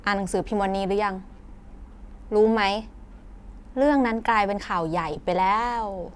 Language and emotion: Thai, happy